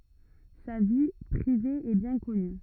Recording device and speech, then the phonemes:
rigid in-ear microphone, read sentence
sa vi pʁive ɛ bjɛ̃ kɔny

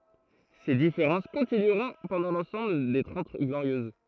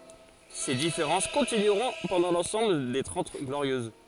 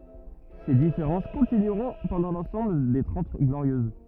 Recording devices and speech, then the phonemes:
throat microphone, forehead accelerometer, rigid in-ear microphone, read sentence
se difeʁɑ̃s kɔ̃tinyʁɔ̃ pɑ̃dɑ̃ lɑ̃sɑ̃bl de tʁɑ̃t ɡloʁjøz

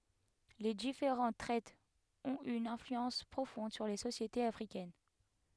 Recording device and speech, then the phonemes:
headset microphone, read sentence
le difeʁɑ̃t tʁɛtz ɔ̃t y yn ɛ̃flyɑ̃s pʁofɔ̃d syʁ le sosjetez afʁikɛn

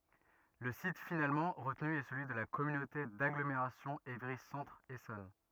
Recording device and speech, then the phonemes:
rigid in-ear microphone, read sentence
lə sit finalmɑ̃ ʁətny ɛ səlyi də la kɔmynote daɡlomeʁasjɔ̃ evʁi sɑ̃tʁ esɔn

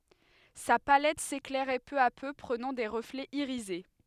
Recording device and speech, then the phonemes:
headset microphone, read sentence
sa palɛt seklɛʁɛ pø a pø pʁənɑ̃ de ʁəflɛz iʁize

